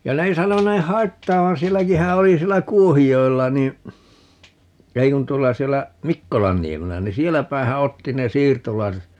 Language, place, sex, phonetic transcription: Finnish, Paavola, male, ja 'ne ei 'sanoneeh̆ "haittaavan - "sielläkihä oli 'siellä "Kuohijo₍ella ni , 'ei kun 'tuolla 'siellä , "Mikkolanniemellä ni "sieläpäehä 'otti ne "siirtolaiset ,.
- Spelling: ja ne ei sanoneet haittaavan sielläkinhän oli siellä Kuohijoella niin ei kun tuolla siellä Mikkolanniemellä niin sielläpäinhän otti ne siirtolaiset

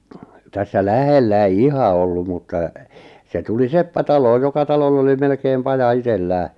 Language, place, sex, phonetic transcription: Finnish, Lappajärvi, male, 'tässä "lähellä ei "iha olluᵐ mutta , se 'tuli "seppä 'talooj joka 'taloll ‿oli 'melkeem 'paja 'itellää .
- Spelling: tässä lähellä ei ihan ollut mutta se tuli seppä taloon joka talolla oli melkein paja itsellään

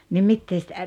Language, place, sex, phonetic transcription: Finnish, Rautalampi, female, ni 'mittee sⁱtä ,.
- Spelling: niin mitä sitä

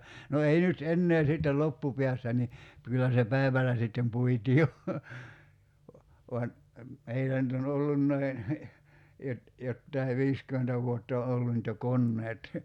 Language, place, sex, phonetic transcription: Finnish, Kerimäki, male, no 'ei nyt 'ennee sittel "loppupiässä ni , 'kyllä se "päivälä sittem 'puitii jo , voan , 'meillä nʸt ‿on 'ollunnai , jot- , 'jottai "viiskymentä vuott ‿o 'ollu nʸt jo "konneet .
- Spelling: no ei nyt enää sitten loppupäässä niin kyllä se päivällä sitten puitiin jo vaan meillä nyt on ollutkin - jotakin viisikymmentä vuotta on ollut nyt jo koneet

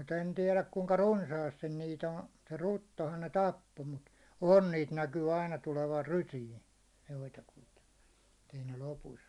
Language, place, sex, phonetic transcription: Finnish, Hollola, male, mut ‿en tiɛläk kuŋka "runsaastin niit ‿on , se 'ruttohan ne "tappo mut , 'on niit 'näkyy aina tulevar 'rysiin̬ , joitakuita , [et]t ei ne lopus ‿o .
- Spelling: mutta en tiedä kuinka runsaasti niitä on se ruttohan ne tappoi mutta on niitä näkyy aina tulevan rysiin joitakuita että ei ne lopussa ole

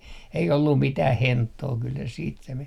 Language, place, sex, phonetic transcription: Finnish, Artjärvi, male, ei ollum 'mitäh "henttoo kyl se siit se men .
- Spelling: ei ollut mitään henttoa kyllä se sitten se meni

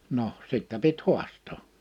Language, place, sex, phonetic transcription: Finnish, Liperi, male, noh , 'sittä pit "hu̬ast̀oo .
- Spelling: no sitten piti haastaa

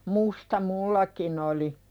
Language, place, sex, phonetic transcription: Finnish, Pälkäne, female, musta 'mullakin ‿oli .
- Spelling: musta minullakin oli

